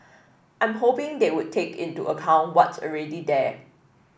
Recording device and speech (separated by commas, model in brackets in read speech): boundary microphone (BM630), read sentence